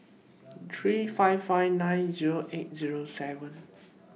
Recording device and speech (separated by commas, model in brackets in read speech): mobile phone (iPhone 6), read sentence